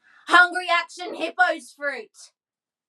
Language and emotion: English, neutral